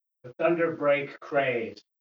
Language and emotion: English, neutral